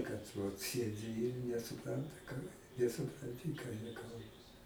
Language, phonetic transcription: Lithuanian, kad vat ˈsiedi ir nesuˈpranta ka nesupranˈti ką jie ˈkalba

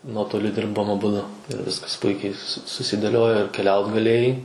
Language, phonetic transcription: Lithuanian, ˈnuotoliu ˈdirbom aˈbudu ir ˈviskas ˈpuikiai su susidėˈliojo ir keˈliaut gaˈlėjai

